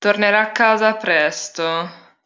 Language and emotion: Italian, disgusted